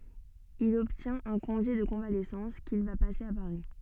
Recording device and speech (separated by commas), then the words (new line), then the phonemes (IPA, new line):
soft in-ear microphone, read sentence
Il obtient un congé de convalescence qu'il va passer à Paris.
il ɔbtjɛ̃t œ̃ kɔ̃ʒe də kɔ̃valɛsɑ̃s kil va pase a paʁi